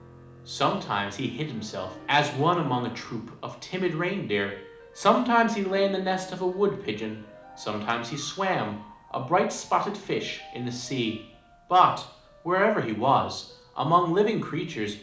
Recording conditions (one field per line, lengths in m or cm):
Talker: one person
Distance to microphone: 2.0 m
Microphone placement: close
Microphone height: 99 cm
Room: medium-sized (5.7 m by 4.0 m)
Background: music